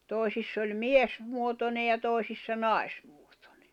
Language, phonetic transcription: Finnish, 'tòi̬siss ‿oĺ "mies- , -muotone ja 'tòi̬sissa "nài̬sᴍᴜᴏtᴏɴᴇ .
- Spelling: toisissa oli - miesmuotoinen ja toisissa naismuotoinen

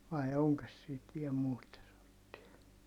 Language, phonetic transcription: Finnish, vai̮ oŋkos siit viɛ muita (semmottia) .
- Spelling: vai onkos siitä vielä muita semmoisia

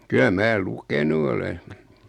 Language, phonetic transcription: Finnish, 'ky₍ä "mää "lukenu ole .
- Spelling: kyllä minä lukenut olen

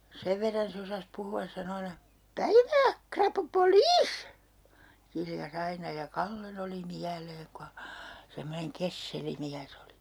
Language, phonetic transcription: Finnish, 'sev verran se osas 'puhu₍as sano 'aina » "päivää , 'krapupo"liis » , 'kilja's ‿aina ja "Kallen ‿oli 'miäleeŋ ko ha , semmoneŋ 'kesseli 'miäs ‿oli .
- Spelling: sen verran se osasi puhua sanoi aina päivää rapupoliisi kiljaisi aina ja Kallen oli mieleen kun hän semmoinen kesseli mies oli

